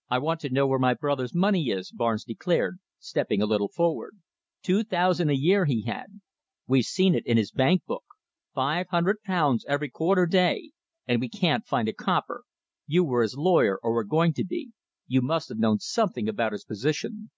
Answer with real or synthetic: real